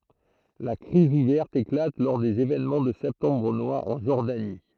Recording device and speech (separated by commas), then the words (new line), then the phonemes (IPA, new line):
throat microphone, read sentence
La crise ouverte éclate lors des événements de septembre noir en Jordanie.
la kʁiz uvɛʁt eklat lɔʁ dez evenmɑ̃ də sɛptɑ̃bʁ nwaʁ ɑ̃ ʒɔʁdani